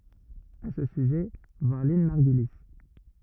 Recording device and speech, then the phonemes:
rigid in-ear microphone, read sentence
a sə syʒɛ vwaʁ lɛ̃n maʁɡyli

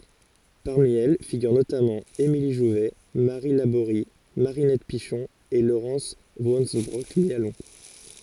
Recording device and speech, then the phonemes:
forehead accelerometer, read sentence
paʁmi ɛl fiɡyʁ notamɑ̃ emili ʒuvɛ maʁi laboʁi maʁinɛt piʃɔ̃ e loʁɑ̃s vɑ̃sønbʁɔk mjalɔ̃

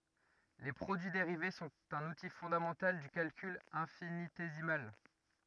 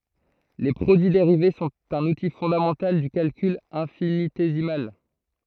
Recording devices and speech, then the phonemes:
rigid in-ear microphone, throat microphone, read sentence
le pʁodyi deʁive sɔ̃t œ̃n uti fɔ̃damɑ̃tal dy kalkyl ɛ̃finitezimal

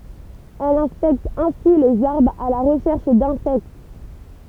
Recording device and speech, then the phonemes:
temple vibration pickup, read sentence
ɛl ɛ̃spɛkt ɛ̃si lez aʁbʁz a la ʁəʃɛʁʃ dɛ̃sɛkt

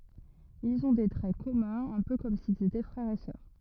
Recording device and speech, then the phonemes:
rigid in-ear microphone, read sentence
ilz ɔ̃ de tʁɛ kɔmœ̃z œ̃ pø kɔm silz etɛ fʁɛʁz e sœʁ

